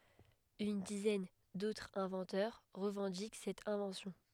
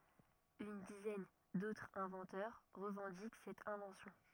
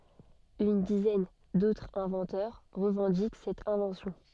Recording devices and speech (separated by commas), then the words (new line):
headset microphone, rigid in-ear microphone, soft in-ear microphone, read sentence
Une dizaine d'autres inventeurs revendiquent cette invention.